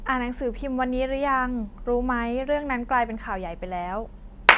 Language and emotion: Thai, neutral